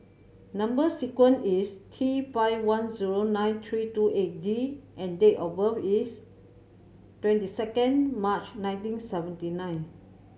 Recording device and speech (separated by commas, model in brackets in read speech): mobile phone (Samsung C7100), read sentence